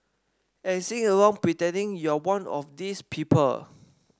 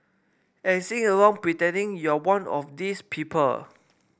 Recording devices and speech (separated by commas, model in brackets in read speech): standing microphone (AKG C214), boundary microphone (BM630), read sentence